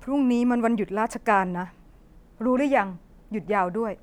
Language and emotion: Thai, frustrated